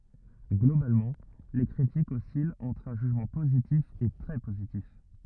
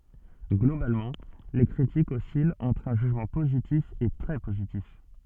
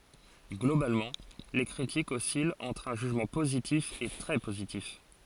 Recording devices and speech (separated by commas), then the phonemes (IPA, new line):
rigid in-ear microphone, soft in-ear microphone, forehead accelerometer, read sentence
ɡlobalmɑ̃ le kʁitikz ɔsilt ɑ̃tʁ œ̃ ʒyʒmɑ̃ pozitif e tʁɛ pozitif